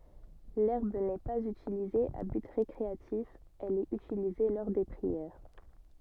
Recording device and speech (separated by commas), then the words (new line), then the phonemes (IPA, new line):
soft in-ear microphone, read sentence
L'herbe n'est pas utilisée à but récréatif, elle est utilisée lors des prières.
lɛʁb nɛ paz ytilize a byt ʁekʁeatif ɛl ɛt ytilize lɔʁ de pʁiɛʁ